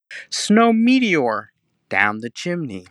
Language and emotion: English, sad